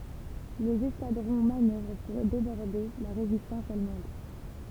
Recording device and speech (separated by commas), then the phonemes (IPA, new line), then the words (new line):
temple vibration pickup, read sentence
lez ɛskadʁɔ̃ manœvʁ puʁ debɔʁde la ʁezistɑ̃s almɑ̃d
Les escadrons manœuvrent pour déborder la résistance allemande.